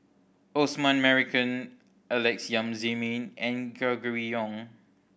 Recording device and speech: boundary microphone (BM630), read sentence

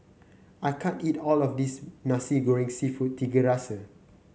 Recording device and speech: mobile phone (Samsung C9), read sentence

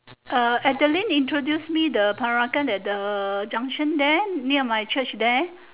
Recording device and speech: telephone, conversation in separate rooms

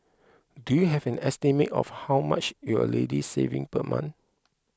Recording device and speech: close-talking microphone (WH20), read sentence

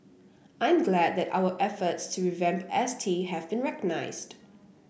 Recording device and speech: boundary microphone (BM630), read sentence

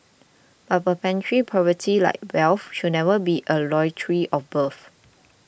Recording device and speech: boundary microphone (BM630), read sentence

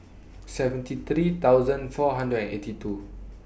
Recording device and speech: boundary microphone (BM630), read sentence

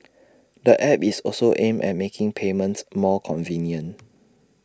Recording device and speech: standing microphone (AKG C214), read sentence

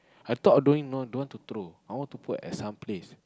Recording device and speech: close-talking microphone, conversation in the same room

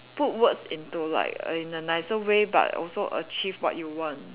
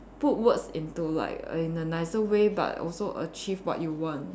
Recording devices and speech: telephone, standing microphone, conversation in separate rooms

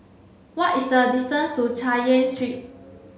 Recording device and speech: mobile phone (Samsung C7), read sentence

